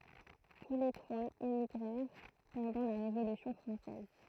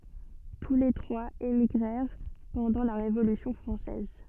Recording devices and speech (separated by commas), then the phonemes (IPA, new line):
throat microphone, soft in-ear microphone, read sentence
tu le tʁwaz emiɡʁɛʁ pɑ̃dɑ̃ la ʁevolysjɔ̃ fʁɑ̃sɛz